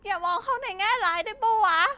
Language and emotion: Thai, sad